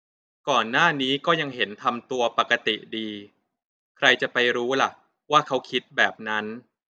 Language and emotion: Thai, neutral